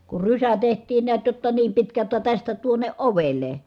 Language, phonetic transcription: Finnish, kur rysä teht̀iin niät jotta niim pitkä [j]otta tästä tuonne ʼovel̀e .
- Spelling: kun rysä tehtiin näet jotta niin pitkä jotta tästä tuonne ovelle

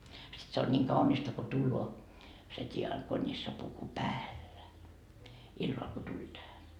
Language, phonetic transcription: Finnish, sit se on ńiiŋ 'kaunista ko 'tulloo , se 't́iakonissapuku "päällä , 'illal ko tuĺ tähä .
- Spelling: sitten se on niin kaunista kun tulee se diakonissapuku päällä illalla kun tuli tähän

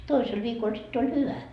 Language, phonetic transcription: Finnish, 'toisel viikol sitt ‿oĺ "hyvä .
- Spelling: toisella viikolla sitten oli hyvä

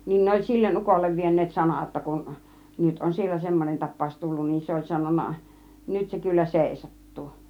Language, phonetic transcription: Finnish, niin 'ne oĺ "sillen 'ukollev 'vien̆neet "sanà °tta kun , 'nyt on 'siellä "semmonen 'tap̆pàus 'tullun nin , 'se oĺ 'sanon̆na , 'nyt se kyllä "sèisat̀tuu .
- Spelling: niin ne oli sille ukolle vieneet sanaa jotta kun nyt on siellä semmoinen tapaus tullut niin se oli sanonut nyt se kyllä seisahtuu

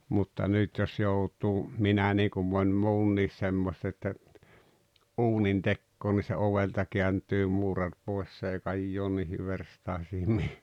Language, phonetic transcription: Finnish, mutta "nyt jos 'jout̀uu , "minä niikum 'moń "muun̆niis 'semmost ‿että , "’uunintekkoon ni se "ovelta 'kḙänt̀yy 'muurar poes s ‿ei "kajjoon niihi 'verstàesim mi- .
- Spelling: mutta nyt jos joutuu minä niin kuin moni muukin semmoista että uunintekoon niin se ovelta kääntyy muurari pois se ei kajoa niihin verstaisiin -

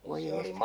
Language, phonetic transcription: Finnish, oi 'jestas !
- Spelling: oi jestas

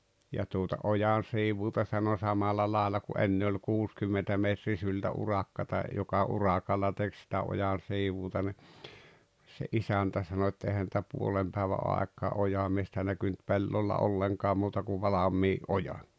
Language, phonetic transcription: Finnish, ja tuota 'ojan̬siivuuta sano 'samila laaᵉlla ku '’enne oĺ 'kuuskymmentä 'metrisyltä 'urakkata , joka 'urakalla 'tek sitä 'ojan̬siivuuta ni , se '’isäntä sano et » 'ehä ‿ntä "puolem päᵉvä '’àek̆kaa "ojamiestä näkynt 'pellolla 'olleŋkaa 'muuta kuv "valamii’ "’ojan̬ « .
- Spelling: ja tuota ojansiivuuta sanoi samalla lailla kuin ennen oli kuusikymmentä metrisyltä urakkaa joka urakalla teki sitä ojansiivuuta niin se isäntä sanoi et eihän sitä puolen päivän aikaan ojamiestä näkynyt pellolla ollenkaan muuta kuin valmiin ojan

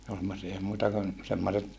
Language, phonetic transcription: Finnish, ne ol semmosia ei muita kun , semmoset ,.
- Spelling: ne oli semmoisia ei muita kuin semmoiset

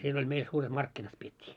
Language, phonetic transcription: Finnish, siel ‿oĺ 'meil suuret "markkinat 'piet́t́ii .
- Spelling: siellä oli meillä suuret markkinat pidettiin

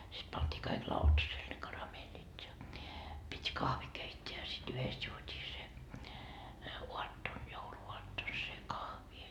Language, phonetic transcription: Finnish, sit pant́ii kaik 'lautaseel ne 'karameelit ja , pit́ "kahvi keit́t́eä ja sit 'yhest juot́ii se , 'uatton , 'joulu₍uatton se "kahvi .
- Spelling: sitten pantiin kaikki lautaselle ne karamellit ja piti kahvi keittää ja sitten yhdessä juotiin se aattona jouluaattona se kahvi

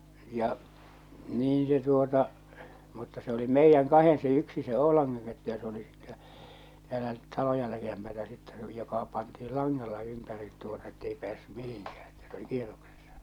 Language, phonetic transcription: Finnish, ja , "niin se tuota , mutta se oli "meijjäŋ "kahen se 'yksi se "Oo̭laŋŋaŋ kettu ja se oli sittɛ , täälä 'taloja 'likempätä sittɛ se oli joka pantiil "laŋŋalla 'ympärit tuota ettei 'pᵉäässy "mihiŋkää , että se oli "kieroksessa .
- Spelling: ja niin se tuota mutta se oli meidän kahden se yksi se Oulangan kettu ja se oli sitten täällä taloja likempää sitten se oli joka pantiin langalla ympäri tuota että ei päässyt mihinkään että se oli kierroksessa

